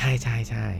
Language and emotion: Thai, neutral